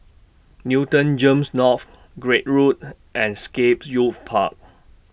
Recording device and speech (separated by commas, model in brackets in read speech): boundary microphone (BM630), read sentence